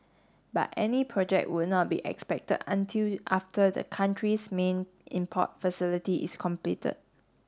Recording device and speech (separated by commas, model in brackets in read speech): standing microphone (AKG C214), read sentence